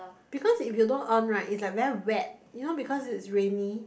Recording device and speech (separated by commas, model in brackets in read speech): boundary microphone, conversation in the same room